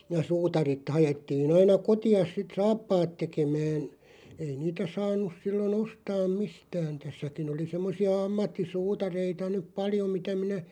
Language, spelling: Finnish, ja suutarit haettiin aina kotiin sitten saappaat tekemään ei niitä saanut silloin ostaa mistään tässäkin oli semmoisia ammattisuutareita nyt paljon mitä minä
- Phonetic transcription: ja 'suutarit 'hajettiin ‿aina "koti₍as sit "saappaat 'tekemään , 'ei 'niitä 'saan̆nus 'sillo"n ‿ostaam 'mistään̬ 'tässäkin ‿oli 'semmosi₍a 'ammatti"suutareita nyᵖ "paljo mitä minä ,.

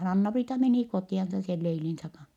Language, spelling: Finnish, Anna-Priita meni kotiansa sen leilinsä kanssa
- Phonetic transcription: Anna-Priita menì kotì₍ansa sel leilinsä kan̬(h) .

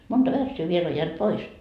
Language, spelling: Finnish, monta värssyä vielä on jäänyt pois
- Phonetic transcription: 'monta "värssyy viel o jäänt "pois .

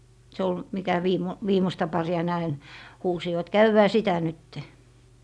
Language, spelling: Finnish, se oli mikä - viimeistä paria ne aina huusivat käydään sitä nyt
- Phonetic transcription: se ol , 'mikä 'viimo- , "viimosta 'pari₍a ne ain , 'huusivat » "käywwää 'sitä nytte » .

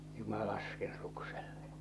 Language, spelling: Finnish, juu minä lasken suksella
- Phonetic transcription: ju̳ mä 'lasken 'suksellᴀ .

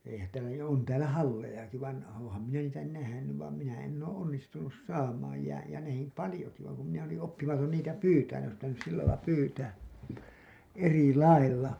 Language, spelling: Finnish, eihän täällä ja on täällä hallejakin vaan olenhan minä niitä nähnyt vaan minä en ole onnistunut saamaan ja ja nähnyt paljonkin vaan kun minä olin oppimaton niitä pyytämään ne olisi pitänyt sillä lailla pyytää eri lailla
- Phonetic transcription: eihän täälä jä on täälä "hallejaki vain , ooo̰ham minä niitä 'nähänyv vaam minä enn ‿oo "’onnistunus "saamaaj ja , ja näh§im "palĭjoki vaaŋ kum minä olin oppimaton niitä "pyytään ne ‿ois pitänys sillälai 'pyytää , "eri "lailla .

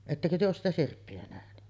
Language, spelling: Finnish, ettekö te ole sitä sirppiä nähnyt
- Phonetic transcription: 'ettäkö työ oos sitä 'sirppi₍ä nähny ?

